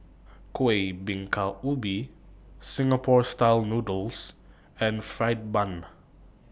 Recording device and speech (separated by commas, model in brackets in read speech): boundary microphone (BM630), read sentence